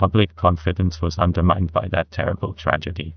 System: TTS, neural waveform model